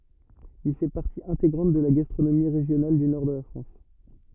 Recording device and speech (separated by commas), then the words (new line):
rigid in-ear microphone, read sentence
Il fait partie intégrante de la gastronomie régionale du nord de la France.